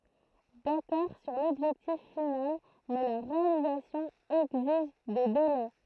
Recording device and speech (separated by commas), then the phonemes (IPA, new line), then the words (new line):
throat microphone, read sentence
dakɔʁ syʁ lɔbʒɛktif final mɛ la ʁealizasjɔ̃ ɛɡziʒ de delɛ
D'accord sur l'objectif final, mais la réalisation exige des délais.